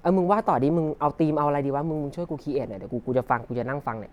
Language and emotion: Thai, frustrated